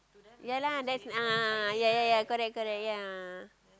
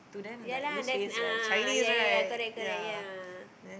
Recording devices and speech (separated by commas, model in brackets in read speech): close-talking microphone, boundary microphone, conversation in the same room